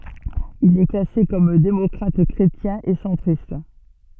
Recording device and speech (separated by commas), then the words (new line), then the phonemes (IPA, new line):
soft in-ear microphone, read sentence
Il est classé comme démocrate-chrétien et centriste.
il ɛ klase kɔm demɔkʁatɛkʁetjɛ̃ e sɑ̃tʁist